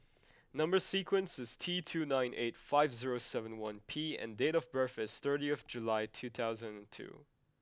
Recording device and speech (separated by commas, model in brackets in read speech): close-talking microphone (WH20), read sentence